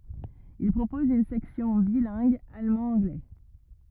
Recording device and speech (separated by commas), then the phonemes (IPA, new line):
rigid in-ear microphone, read sentence
il pʁopɔz yn sɛksjɔ̃ bilɛ̃ɡ almɑ̃dɑ̃ɡlɛ